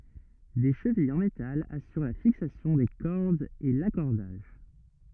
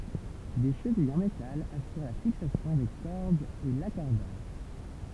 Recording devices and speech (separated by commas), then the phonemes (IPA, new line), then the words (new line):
rigid in-ear microphone, temple vibration pickup, read sentence
de ʃəvijz ɑ̃ metal asyʁ la fiksasjɔ̃ de kɔʁdz e lakɔʁdaʒ
Des chevilles en métal assurent la fixation des cordes et l'accordage.